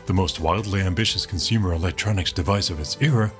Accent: American accent